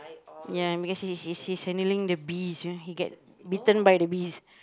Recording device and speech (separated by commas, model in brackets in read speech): close-talking microphone, conversation in the same room